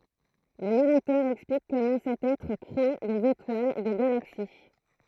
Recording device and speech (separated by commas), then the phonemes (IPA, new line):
throat microphone, read sentence
lə naʁatœʁ ɛksplik kɔmɑ̃ sɛt ɛtʁ kʁe dez etwal de ɡalaksi